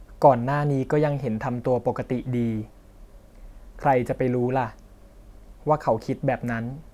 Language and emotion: Thai, neutral